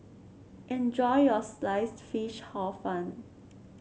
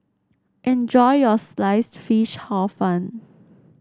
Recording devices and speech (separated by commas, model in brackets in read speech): mobile phone (Samsung C7), standing microphone (AKG C214), read sentence